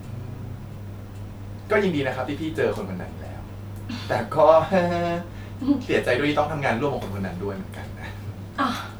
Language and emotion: Thai, frustrated